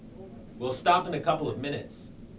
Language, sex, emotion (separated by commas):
English, male, neutral